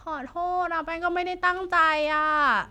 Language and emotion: Thai, sad